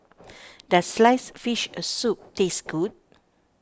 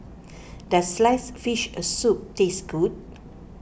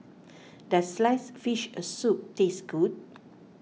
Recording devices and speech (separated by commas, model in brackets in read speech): standing microphone (AKG C214), boundary microphone (BM630), mobile phone (iPhone 6), read sentence